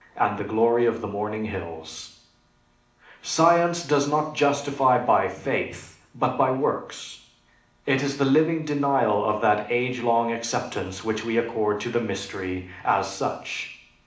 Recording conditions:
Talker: one person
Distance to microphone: 2.0 m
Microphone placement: close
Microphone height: 99 cm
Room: medium-sized (5.7 m by 4.0 m)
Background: none

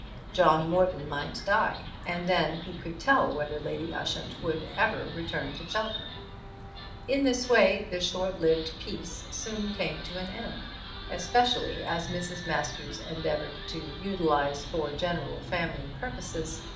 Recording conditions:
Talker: one person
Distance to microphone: 2.0 m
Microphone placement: close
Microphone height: 99 cm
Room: medium-sized (5.7 m by 4.0 m)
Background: television

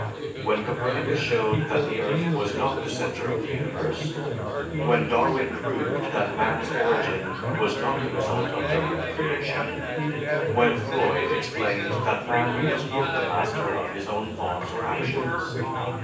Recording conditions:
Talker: one person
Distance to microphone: 9.8 m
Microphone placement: far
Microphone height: 1.8 m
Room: large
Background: babble

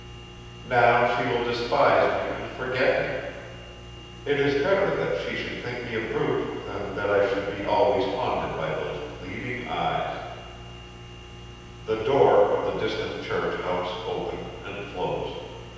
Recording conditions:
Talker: one person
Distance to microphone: 7.1 m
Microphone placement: far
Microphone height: 1.7 m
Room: very reverberant, large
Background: none

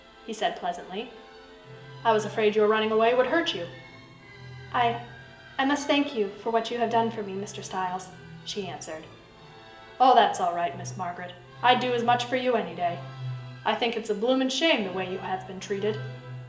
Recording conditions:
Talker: one person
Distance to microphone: 1.8 m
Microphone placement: close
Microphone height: 1.0 m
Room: large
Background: music

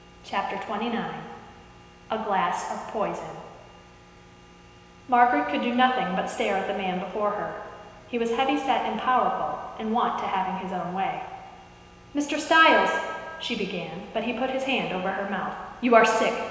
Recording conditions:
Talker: one person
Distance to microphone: 1.7 m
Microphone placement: close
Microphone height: 1.0 m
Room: very reverberant, large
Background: none

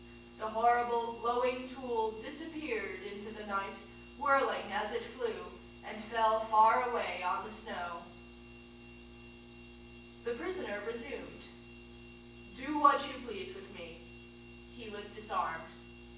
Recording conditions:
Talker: one person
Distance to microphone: 9.8 m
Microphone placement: far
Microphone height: 1.8 m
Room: large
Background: none

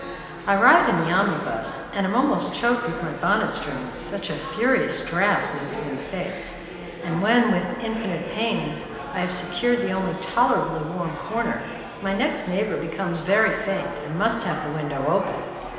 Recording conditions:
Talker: one person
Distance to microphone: 1.7 m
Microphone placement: close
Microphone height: 1.0 m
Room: very reverberant, large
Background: babble

